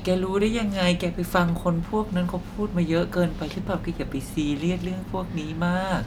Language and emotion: Thai, frustrated